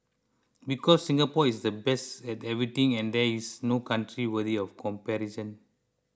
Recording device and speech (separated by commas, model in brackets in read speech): close-talking microphone (WH20), read sentence